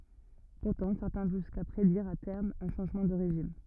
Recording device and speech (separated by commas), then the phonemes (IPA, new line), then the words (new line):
rigid in-ear microphone, read sentence
puʁtɑ̃ sɛʁtɛ̃ vɔ̃ ʒyska pʁediʁ a tɛʁm œ̃ ʃɑ̃ʒmɑ̃ də ʁeʒim
Pourtant certains vont jusqu'à prédire à terme un changement de régime.